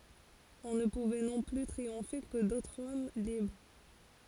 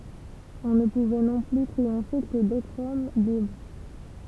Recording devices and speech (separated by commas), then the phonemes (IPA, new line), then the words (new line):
forehead accelerometer, temple vibration pickup, read sentence
ɔ̃ nə puvɛ nɔ̃ ply tʁiɔ̃fe kə dotʁz ɔm libʁ
On ne pouvait non plus triompher que d'autres hommes libres.